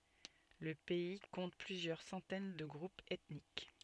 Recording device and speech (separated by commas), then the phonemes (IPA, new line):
soft in-ear microphone, read sentence
lə pɛi kɔ̃t plyzjœʁ sɑ̃tɛn də ɡʁupz ɛtnik